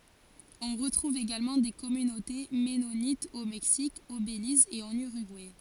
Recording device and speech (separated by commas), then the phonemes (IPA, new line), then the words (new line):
forehead accelerometer, read sentence
ɔ̃ ʁətʁuv eɡalmɑ̃ de kɔmynote mɛnonitz o mɛksik o beliz e ɑ̃n yʁyɡuɛ
On retrouve également des communautés mennonites au Mexique, au Belize et en Uruguay.